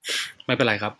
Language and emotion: Thai, frustrated